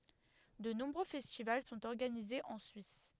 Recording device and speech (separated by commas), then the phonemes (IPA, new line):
headset microphone, read sentence
də nɔ̃bʁø fɛstival sɔ̃t ɔʁɡanizez ɑ̃ syis